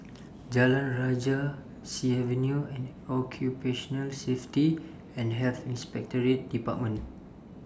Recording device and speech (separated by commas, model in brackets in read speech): standing microphone (AKG C214), read sentence